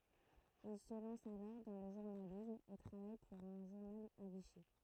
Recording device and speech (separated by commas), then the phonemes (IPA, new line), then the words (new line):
throat microphone, read sentence
il sə lɑ̃s alɔʁ dɑ̃ lə ʒuʁnalism e tʁavaj puʁ œ̃ ʒuʁnal a viʃi
Il se lance alors dans le journalisme et travaille pour un journal à Vichy.